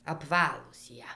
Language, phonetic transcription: Lithuanian, apˈvalūs ˈjie

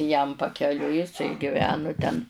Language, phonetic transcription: Lithuanian, jam pakeˈliui jiˈsai giˈvenu ten

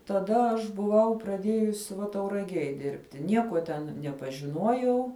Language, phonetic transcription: Lithuanian, taˈda aš buˈvau praˈdiejus va tauraˈgiej ˈdirbti ˈniekuo ten nepažiˈnuojau

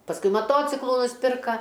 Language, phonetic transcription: Lithuanian, pasˈkui maˈtociklu nusˈpirka

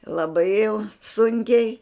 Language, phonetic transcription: Lithuanian, laˈbai jau ˈsunkiai

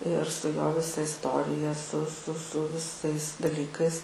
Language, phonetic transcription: Lithuanian, ir staiˈga ˈvisa isˈtorija su su su viˈsais daˈlykais

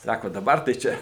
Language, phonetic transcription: Lithuanian, ˈsako daˈbar tai ˈčia

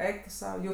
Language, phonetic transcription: Lithuanian, ˈeik tu ˈsau ˈjų

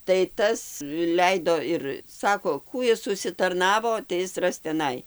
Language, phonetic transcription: Lithuanian, tai ˈtas ˈleido ir ˈsako ˈkų is užsitarˈnavo tai ˈis ˈras teˈnai

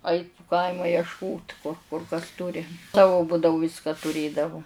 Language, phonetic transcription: Lithuanian, ˈait pu ˈkaima ješˈkot kur kas ˈturi ˈsavu ˈbudavu ˈviska tuˈrėdavu

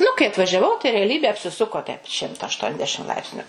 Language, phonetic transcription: Lithuanian, nu kai atvažiaˈvau tai reaˈlybė apsiˈsuko teip ˈšimta aštuonˈdešim ˈlaipsniu

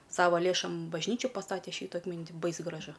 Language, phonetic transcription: Lithuanian, ˈsava ˈlėšom bažˈnyčių paˈstate ˈšytu atˈmint' ˈbais graˈžu

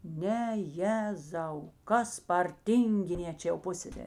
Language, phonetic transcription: Lithuanian, ˈne ˈjezau ˈkas par ˈtyngiˌnė ˈčia jau ˈpusseserė

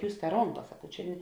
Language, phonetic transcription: Lithuanian, ˈjūs ta ˈronˌka saˈkau ˈčia

